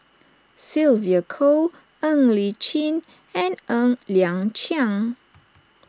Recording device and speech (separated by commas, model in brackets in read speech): standing microphone (AKG C214), read sentence